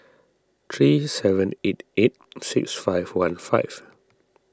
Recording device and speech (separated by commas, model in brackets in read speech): standing microphone (AKG C214), read sentence